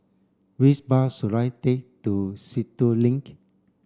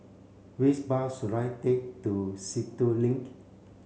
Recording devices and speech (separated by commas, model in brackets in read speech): standing microphone (AKG C214), mobile phone (Samsung C7), read sentence